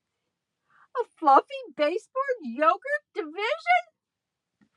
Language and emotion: English, surprised